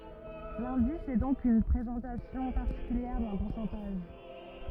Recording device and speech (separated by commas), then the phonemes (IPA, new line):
rigid in-ear microphone, read sentence
lɛ̃dis ɛ dɔ̃k yn pʁezɑ̃tasjɔ̃ paʁtikyljɛʁ dœ̃ puʁsɑ̃taʒ